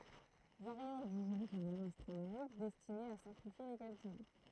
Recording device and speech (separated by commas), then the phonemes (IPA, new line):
throat microphone, read sentence
vaʁjɑ̃t dy ʒuʁ ʒyljɛ̃ astʁonomik dɛstine a sɛ̃plifje le kalkyl